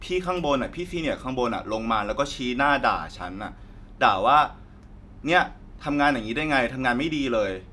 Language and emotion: Thai, frustrated